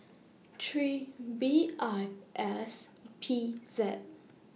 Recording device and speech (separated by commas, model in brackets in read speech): mobile phone (iPhone 6), read sentence